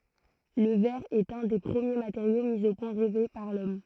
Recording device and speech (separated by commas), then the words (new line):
throat microphone, read sentence
Le verre est un des premiers matériaux mis au point, rêvé par l’homme.